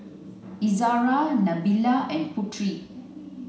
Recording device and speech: mobile phone (Samsung C9), read sentence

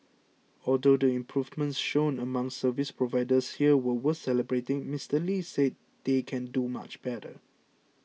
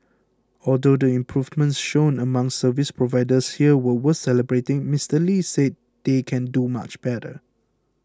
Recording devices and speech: mobile phone (iPhone 6), close-talking microphone (WH20), read sentence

